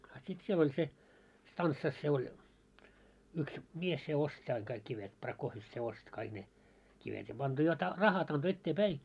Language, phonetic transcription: Finnish, a sit 'siel ‿oĺ se , 'stanssas se oĺ , 'yks , 'mies se 'ostⁱ aiŋ kaik 'kivet , Pra'koofjef se 'ost kaiɢ ne , kivet ja anto jot ra- , "rahat ‿anto ettee'päi .
- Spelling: a sitten siellä oli se stanssassa se oli yksi mies se osti aina kaikki kivet Prakofjef se osti kaikki ne kivet ja antoi jotta - rahat antoi eteenpäin

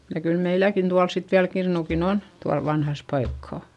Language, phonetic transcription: Finnish, ja kyl meiläkin tuals sit viäl kirnukin ‿on , tual vanhas paikkà .
- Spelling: ja kyllä meilläkin tuolla sitten vielä kirnukin on tuolla vanhassa paikkaa

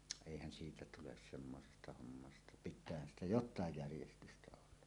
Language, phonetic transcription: Finnish, èihän siitä tules 'semmosesta hommasta , "pit̆täähän ‿stä "jot̆taaj 'järjestystä olla .
- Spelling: eihän siitä tule semmoisesta hommasta pitäähän sitä jotakin järjestystä olla

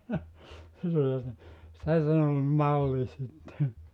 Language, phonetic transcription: Finnish, 'se sen ‿ol "malli sitte .
- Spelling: se sen oli malli sitten

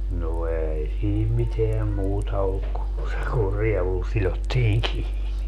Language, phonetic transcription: Finnish, no 'ei siim 'miteäm 'muuta olluk ku , se kur 'rievul 'silottiiŋ "kiini .
- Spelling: no ei siinä mitään muuta ollut kuin se kun rievulla sidottiin kiinni

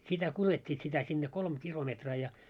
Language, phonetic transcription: Finnish, 'sitä 'kulet́t́iit sitä sinne "kolm 'kilometraa ja .
- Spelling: sitä kuljettivat sitä sinne kolme kilometriä ja

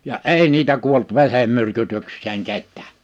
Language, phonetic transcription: Finnish, ja "’èi niitä 'kuolt 've(r)emmyrkytyks̆seeŋ 'kettää .
- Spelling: ja ei niitä kuollut verenmyrkytykseen ketään

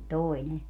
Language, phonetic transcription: Finnish, "toi ne .
- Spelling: toi ne

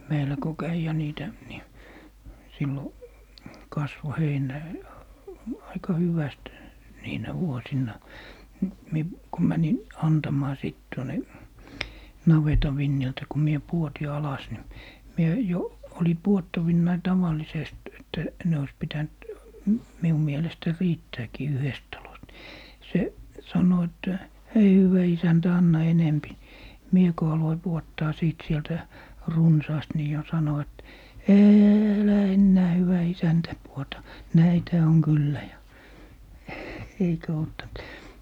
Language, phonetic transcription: Finnish, 'meilä ko "käi ja 'niitä , ni , 'sillo 'kasvo "heiǹä , 'aika 'hyväst , 'niinä "vuosinna , ni , 'mie , ko 'mänin , "antam̀aa 'sìt tuone , 'naveta 'vinniltä ku 'mie "puoti 'alas ni , 'mie , 'jo , oli "puottavinnai 'taval̀isest , 'että , 'ne ois 'pitänt , m - 'miu 'mielestä 'riittääkii "yhest 'talost ni , 'se , 'sano että » "hei 'hywä 'isäntä 'anna 'enempi » ni , 'mie ko aloi "puottaa 'sìt 'sieltä , "runsaast ni jo 'sano et » eeelä 'ennää 'hyvä 'isäntä , puota , "näithä oŋ 'kyllä » ja , "eikä ottant .
- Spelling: meillä kun kävi ja niitä niin silloin kasvoi heinä aika hyvästi niinä vuosina niin minä kun menin antamaan sitten tuonne navetan vintiltä kun minä pudotin alas niin minä jo oli pudottavinani tavallisesti että ne olisi pitänyt - minun mielestä riittääkin yhdestä talosta niin se sanoi että hei hyvä isäntä anna enempi niin minä kun aloin pudottaa sitten sieltä runsaasti niin jo sanoi että älä enää hyvä isäntä pudota näitähän on kyllä ja eikä ottanut

